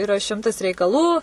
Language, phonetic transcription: Lithuanian, iˈra ˈšimtas reikaˈlų

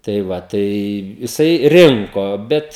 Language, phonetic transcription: Lithuanian, tai ˈva tai jiˈsai ˈrinko ˈbet

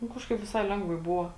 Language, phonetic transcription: Lithuanian, nu ˈkažkaip viˈsai ˈlengvai ˈbuvo

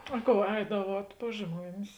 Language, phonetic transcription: Lithuanian, a ˈkou ˈeidavuot pas ˈžmuonis

